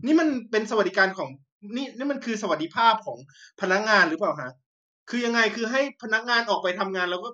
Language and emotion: Thai, angry